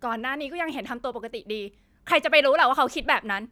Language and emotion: Thai, angry